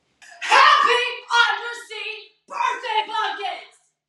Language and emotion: English, angry